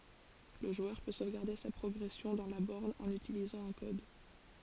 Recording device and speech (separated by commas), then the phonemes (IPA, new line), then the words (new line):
forehead accelerometer, read sentence
lə ʒwœʁ pø sovɡaʁde sa pʁɔɡʁɛsjɔ̃ dɑ̃ la bɔʁn ɑ̃n ytilizɑ̃ œ̃ kɔd
Le joueur peut sauvegarder sa progression dans la borne en utilisant un code.